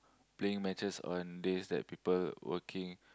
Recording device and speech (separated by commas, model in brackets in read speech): close-talking microphone, conversation in the same room